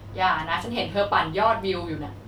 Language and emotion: Thai, frustrated